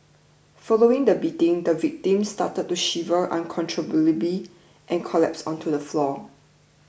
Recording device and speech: boundary microphone (BM630), read sentence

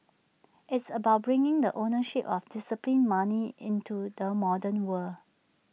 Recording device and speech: mobile phone (iPhone 6), read sentence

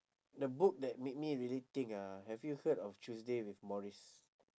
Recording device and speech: standing microphone, conversation in separate rooms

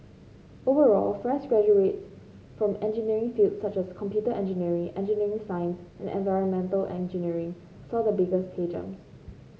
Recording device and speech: mobile phone (Samsung C5), read sentence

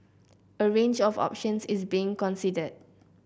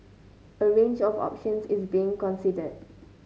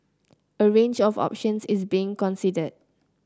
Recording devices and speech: boundary microphone (BM630), mobile phone (Samsung C9), close-talking microphone (WH30), read sentence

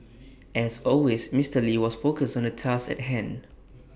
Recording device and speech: boundary microphone (BM630), read sentence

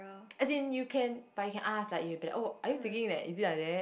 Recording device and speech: boundary microphone, conversation in the same room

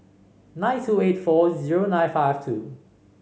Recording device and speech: mobile phone (Samsung C5), read sentence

